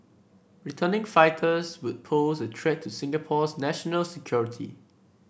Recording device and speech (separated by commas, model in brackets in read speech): boundary microphone (BM630), read sentence